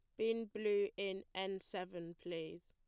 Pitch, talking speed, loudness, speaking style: 190 Hz, 145 wpm, -42 LUFS, plain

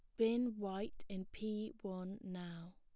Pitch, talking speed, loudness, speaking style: 195 Hz, 140 wpm, -43 LUFS, plain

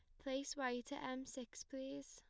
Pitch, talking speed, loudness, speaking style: 265 Hz, 190 wpm, -46 LUFS, plain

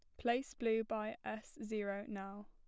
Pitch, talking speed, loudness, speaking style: 220 Hz, 160 wpm, -41 LUFS, plain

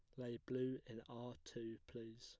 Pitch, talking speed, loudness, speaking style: 120 Hz, 180 wpm, -49 LUFS, plain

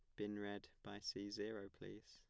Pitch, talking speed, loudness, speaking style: 100 Hz, 190 wpm, -50 LUFS, plain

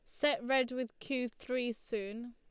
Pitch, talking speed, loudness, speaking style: 245 Hz, 170 wpm, -36 LUFS, Lombard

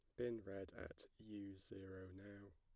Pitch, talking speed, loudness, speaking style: 100 Hz, 155 wpm, -53 LUFS, plain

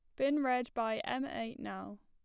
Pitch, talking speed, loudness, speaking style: 230 Hz, 195 wpm, -36 LUFS, plain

